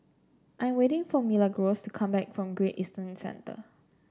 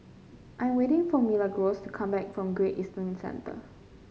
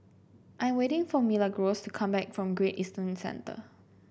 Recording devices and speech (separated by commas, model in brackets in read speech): standing microphone (AKG C214), mobile phone (Samsung C5), boundary microphone (BM630), read sentence